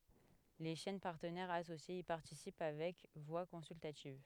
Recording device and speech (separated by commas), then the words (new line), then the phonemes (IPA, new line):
headset microphone, read sentence
Les chaînes partenaires associées y participent avec voix consultative.
le ʃɛn paʁtənɛʁz asosjez i paʁtisip avɛk vwa kɔ̃syltativ